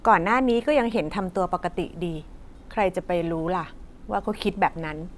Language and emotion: Thai, neutral